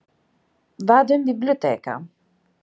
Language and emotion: Italian, neutral